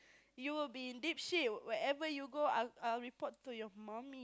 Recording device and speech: close-talking microphone, conversation in the same room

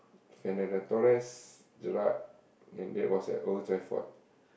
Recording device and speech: boundary microphone, conversation in the same room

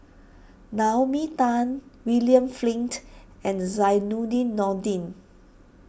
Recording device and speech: boundary microphone (BM630), read sentence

